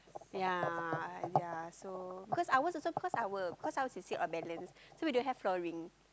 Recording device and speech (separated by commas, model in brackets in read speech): close-talking microphone, conversation in the same room